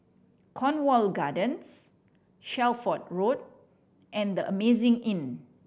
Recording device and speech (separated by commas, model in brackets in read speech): boundary microphone (BM630), read sentence